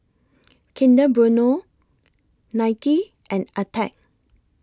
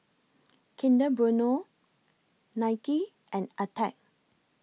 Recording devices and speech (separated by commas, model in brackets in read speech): close-talking microphone (WH20), mobile phone (iPhone 6), read sentence